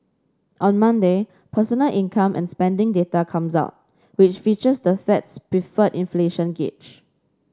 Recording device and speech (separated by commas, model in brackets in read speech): standing microphone (AKG C214), read sentence